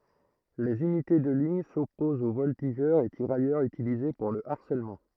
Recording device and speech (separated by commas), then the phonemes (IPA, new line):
throat microphone, read sentence
lez ynite də liɲ sɔpozt o vɔltiʒœʁz e tiʁajœʁz ytilize puʁ lə aʁsɛlmɑ̃